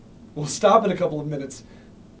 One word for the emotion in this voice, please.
fearful